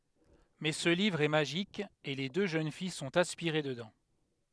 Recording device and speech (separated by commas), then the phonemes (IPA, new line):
headset microphone, read sentence
mɛ sə livʁ ɛ maʒik e le dø ʒøn fij sɔ̃t aspiʁe dədɑ̃